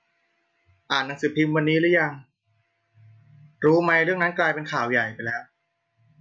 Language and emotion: Thai, neutral